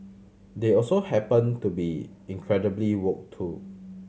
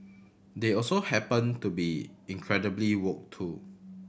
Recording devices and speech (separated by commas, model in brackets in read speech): mobile phone (Samsung C7100), boundary microphone (BM630), read sentence